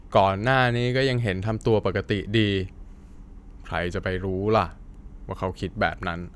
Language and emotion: Thai, frustrated